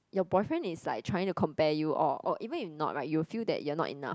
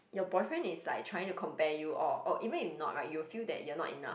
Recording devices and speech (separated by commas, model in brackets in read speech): close-talking microphone, boundary microphone, conversation in the same room